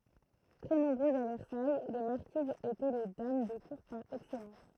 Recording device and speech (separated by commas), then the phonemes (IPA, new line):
throat microphone, read sentence
tʁɛ nɔ̃bʁøzz a vɛʁsaj le maʁkizz etɛ le dam də kuʁ paʁ ɛksɛlɑ̃s